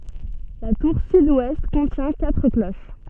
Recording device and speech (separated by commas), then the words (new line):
soft in-ear microphone, read sentence
La tour sud-ouest contient quatre cloches.